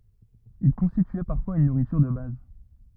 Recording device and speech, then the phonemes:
rigid in-ear microphone, read sentence
il kɔ̃stityɛ paʁfwaz yn nuʁityʁ də baz

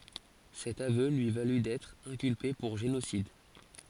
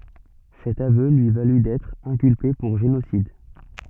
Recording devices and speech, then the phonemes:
forehead accelerometer, soft in-ear microphone, read sentence
sɛt avø lyi valy dɛtʁ ɛ̃kylpe puʁ ʒenosid

